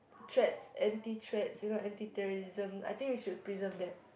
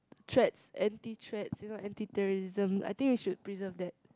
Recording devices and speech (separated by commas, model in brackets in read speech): boundary microphone, close-talking microphone, conversation in the same room